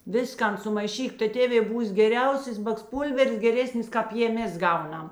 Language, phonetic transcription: Lithuanian, ˈviskan sumaiˈšyk tai ˈtėvė ˈbūs geˈriausės baksˈpūlvers geˈresnis ˈkāp jė ˈmes ˈgauˌnam

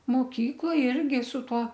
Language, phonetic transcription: Lithuanian, moˈkykloj ˈirgi su ˈtuo

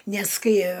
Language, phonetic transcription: Lithuanian, nes ˈkai

